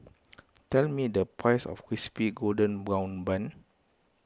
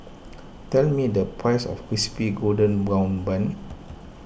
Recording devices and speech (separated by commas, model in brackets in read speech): close-talking microphone (WH20), boundary microphone (BM630), read sentence